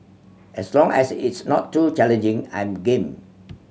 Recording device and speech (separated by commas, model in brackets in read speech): mobile phone (Samsung C7100), read sentence